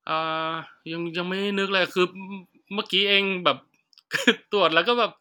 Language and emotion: Thai, neutral